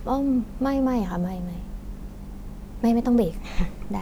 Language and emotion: Thai, neutral